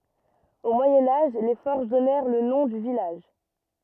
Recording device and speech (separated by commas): rigid in-ear microphone, read sentence